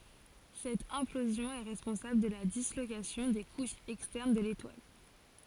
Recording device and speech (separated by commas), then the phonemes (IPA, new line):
forehead accelerometer, read sentence
sɛt ɛ̃plozjɔ̃ ɛ ʁɛspɔ̃sabl də la dislokasjɔ̃ de kuʃz ɛkstɛʁn də letwal